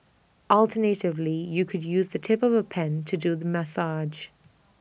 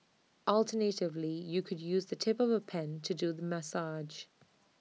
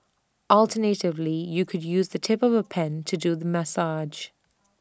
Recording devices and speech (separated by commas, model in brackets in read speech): boundary microphone (BM630), mobile phone (iPhone 6), standing microphone (AKG C214), read sentence